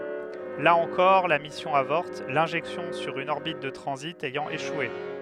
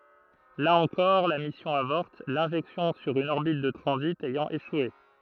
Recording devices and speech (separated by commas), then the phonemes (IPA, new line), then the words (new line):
headset microphone, throat microphone, read sentence
la ɑ̃kɔʁ la misjɔ̃ avɔʁt lɛ̃ʒɛksjɔ̃ syʁ yn ɔʁbit də tʁɑ̃zit ɛjɑ̃ eʃwe
Là encore, la mission avorte, l'injection sur une orbite de transit ayant échoué.